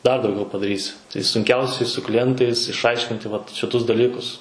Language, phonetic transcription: Lithuanian, dar dauˈgiau padaˈrysi tai sunˈkiausiai su kliˈjentais išˈaiškinti vat šiˈtus daˈlykus

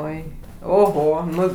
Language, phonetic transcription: Lithuanian, ˈoi oˈho ˈnu

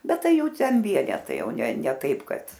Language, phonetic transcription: Lithuanian, ˈbet ˈtai ˈjau ˈten ˈvienetai ˈjau ne ne ˈtaip ˈkad

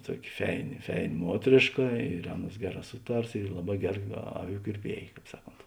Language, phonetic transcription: Lithuanian, ˈtuoki ˈfeini ˈfeini ˈmuotrėška ir ˈaˌnuos ˈgeˌrā ˈsuˌtars ir ˈlaˌbā ˈgeˌra ˈaˌvių kirˈpiej ˈkāp ˈsaˌkont

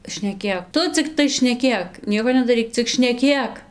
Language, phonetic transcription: Lithuanian, šneˈkėk ˈtu cikˈtai šneˈkėk ˈnieko nedaˈryk cik šneˈkėk

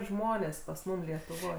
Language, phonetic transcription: Lithuanian, ˈžmonės pas ˈmum lietuˈvoj

